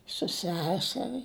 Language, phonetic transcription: Lithuanian, su ˈseseri

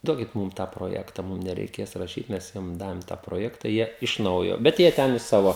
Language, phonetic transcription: Lithuanian, ˈduokit ˈmūm tą proˈjekta ˈmum nereiˈkės raˈšyt ˈmes ˈjiem ˈdavim tą proˈjekta ˈjie iš ˈnaujo bet ˈjie ˈten i ˈsavo

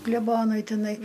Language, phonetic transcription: Lithuanian, kleˈbonui tiˈnai

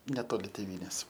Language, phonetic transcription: Lithuanian, neˈtoli tėˈvynės

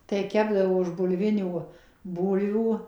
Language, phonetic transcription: Lithuanian, tai ˈkepdavo iš bulˈvinių ˈbūlvių

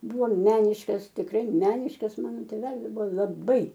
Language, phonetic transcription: Lithuanian, ˈbuvo ˈmeniškas tikˈrai ˈmeniškas ˈmano tėˈvelis ˈbuvo laˈbai

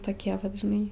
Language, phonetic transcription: Lithuanian, toˈkie vat žiˈnai

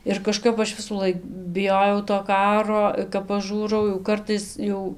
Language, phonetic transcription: Lithuanian, ir kaˈžkap ˈaš visųˈlaik biˈjojau to ˈkaro kap paˈžūrau jau ˈkartais ˈjau

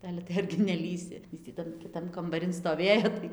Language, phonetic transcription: Lithuanian, ˈale tai argi neˈlįsi ˈis tį ˈtan kiˈtan kambaˈrin stoˈvėjo tai

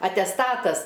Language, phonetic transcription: Lithuanian, atesˈtatas

